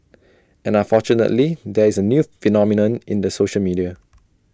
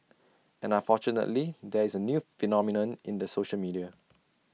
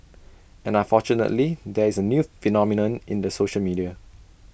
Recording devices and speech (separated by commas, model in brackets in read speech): standing microphone (AKG C214), mobile phone (iPhone 6), boundary microphone (BM630), read sentence